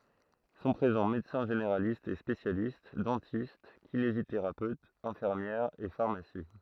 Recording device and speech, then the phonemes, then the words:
throat microphone, read sentence
sɔ̃ pʁezɑ̃ medəsɛ̃ ʒeneʁalistz e spesjalist dɑ̃tist kineziteʁapøtz ɛ̃fiʁmjɛʁz e faʁmasi
Sont présents médecins généralistes et spécialistes, dentistes, kinésithérapeutes, infirmières et pharmacies.

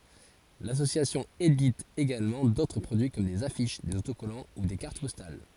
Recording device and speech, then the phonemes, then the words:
forehead accelerometer, read sentence
lasosjasjɔ̃ edit eɡalmɑ̃ dotʁ pʁodyi kɔm dez afiʃ dez otokɔlɑ̃ u de kaʁt pɔstal
L'association édite également d'autres produits comme des affiches, des autocollants ou des cartes postales.

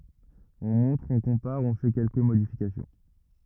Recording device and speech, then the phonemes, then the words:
rigid in-ear microphone, read sentence
ɔ̃ mɔ̃tʁ ɔ̃ kɔ̃paʁ ɔ̃ fɛ kɛlkə modifikasjɔ̃
On montre, on compare, on fait quelques modifications.

